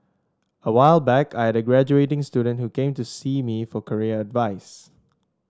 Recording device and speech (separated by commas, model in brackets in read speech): standing microphone (AKG C214), read sentence